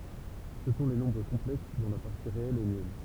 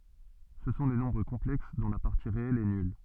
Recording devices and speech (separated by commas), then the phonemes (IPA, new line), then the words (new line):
temple vibration pickup, soft in-ear microphone, read sentence
sə sɔ̃ le nɔ̃bʁ kɔ̃plɛks dɔ̃ la paʁti ʁeɛl ɛ nyl
Ce sont les nombres complexes dont la partie réelle est nulle.